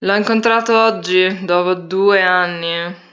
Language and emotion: Italian, disgusted